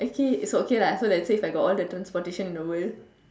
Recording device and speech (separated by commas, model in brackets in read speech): standing microphone, conversation in separate rooms